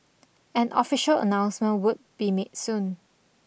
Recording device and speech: boundary microphone (BM630), read sentence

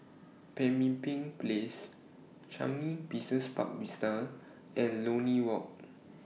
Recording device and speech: mobile phone (iPhone 6), read sentence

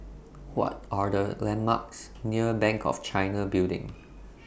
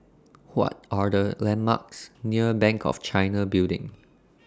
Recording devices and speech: boundary microphone (BM630), standing microphone (AKG C214), read sentence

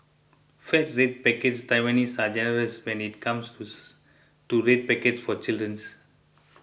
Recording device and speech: boundary microphone (BM630), read sentence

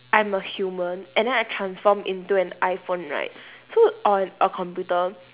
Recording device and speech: telephone, conversation in separate rooms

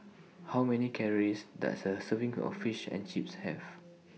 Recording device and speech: mobile phone (iPhone 6), read sentence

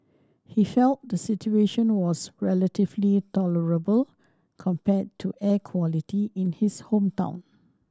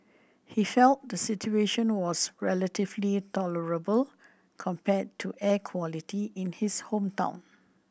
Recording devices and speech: standing microphone (AKG C214), boundary microphone (BM630), read sentence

